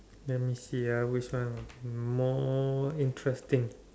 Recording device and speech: standing microphone, conversation in separate rooms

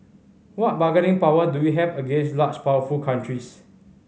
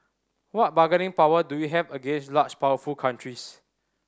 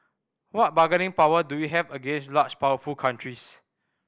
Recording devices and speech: mobile phone (Samsung C5010), standing microphone (AKG C214), boundary microphone (BM630), read sentence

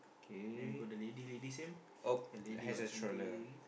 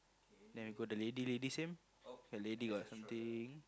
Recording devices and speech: boundary microphone, close-talking microphone, conversation in the same room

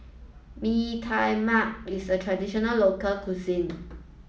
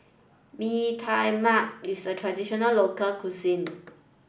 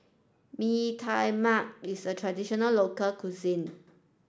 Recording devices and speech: mobile phone (iPhone 7), boundary microphone (BM630), standing microphone (AKG C214), read sentence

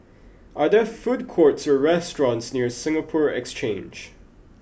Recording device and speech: boundary microphone (BM630), read sentence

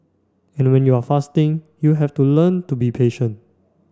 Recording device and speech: standing microphone (AKG C214), read sentence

